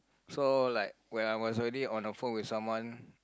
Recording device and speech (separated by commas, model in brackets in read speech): close-talking microphone, conversation in the same room